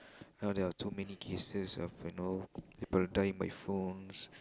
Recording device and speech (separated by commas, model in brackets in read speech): close-talking microphone, conversation in the same room